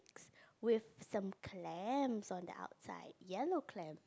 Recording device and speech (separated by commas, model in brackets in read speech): close-talking microphone, conversation in the same room